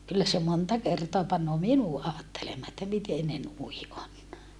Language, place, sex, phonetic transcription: Finnish, Saarijärvi, female, kyllä se monta kertoa pannoo minu aattelemmaa että miten ne nui on .
- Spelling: kyllä se monta kertaa panee minut ajattelemaan että miten ne noin on

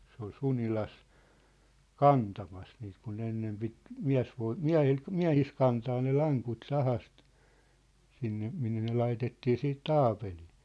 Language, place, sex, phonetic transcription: Finnish, Sippola, male, se ‿ol 'Sunilas , "kantamas niit kun ne 'ennem pit , "miä̭svoi- , "miä̭hil , "miä̭his 'kantaa ne 'laŋkut 'sahast , sinne , minne ne 'laitettii 'siit "taapelii .
- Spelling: se oli Sunilassa kantamassa niitä kun ne ennen piti - miehillä miehissä kantaa ne lankut sahasta sinne minne ne laitettiin sitten taapeliin

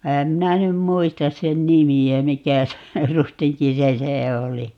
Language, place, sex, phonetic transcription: Finnish, Paavola, female, 'ehäm 'minä nym "muistas sen "nimi₍ä 'mikä (se) , 'rustiŋki 'se "se oli .
- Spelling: enhän minä nyt muista sen nimeä mikä se rustinki se se oli

